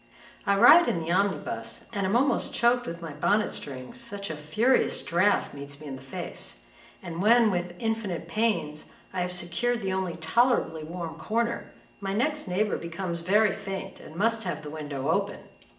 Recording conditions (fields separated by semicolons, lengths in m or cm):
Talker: one person; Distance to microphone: 1.8 m; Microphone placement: close; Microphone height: 1.0 m; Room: large; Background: none